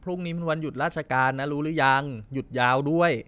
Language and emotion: Thai, neutral